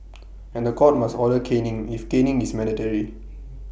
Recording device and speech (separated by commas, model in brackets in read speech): boundary microphone (BM630), read sentence